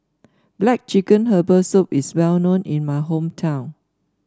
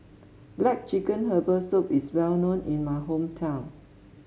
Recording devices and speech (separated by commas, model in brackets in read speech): standing microphone (AKG C214), mobile phone (Samsung S8), read sentence